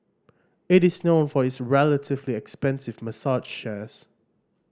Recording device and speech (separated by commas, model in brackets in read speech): standing microphone (AKG C214), read sentence